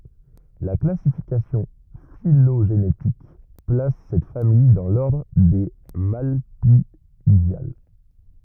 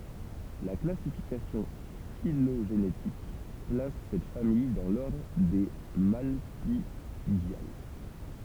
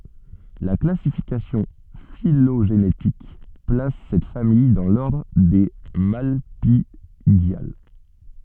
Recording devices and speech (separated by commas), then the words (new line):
rigid in-ear microphone, temple vibration pickup, soft in-ear microphone, read sentence
La classification phylogénétique place cette famille dans l'ordre des Malpighiales.